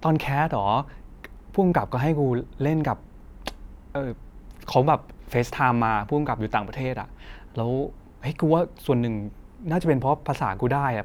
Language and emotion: Thai, neutral